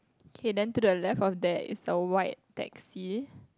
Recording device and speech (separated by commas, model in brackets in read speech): close-talking microphone, conversation in the same room